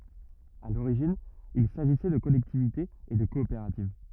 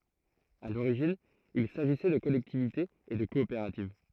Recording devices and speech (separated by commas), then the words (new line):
rigid in-ear microphone, throat microphone, read sentence
À l'origine il s'agissait de collectivités et de coopératives.